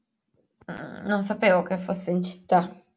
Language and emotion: Italian, disgusted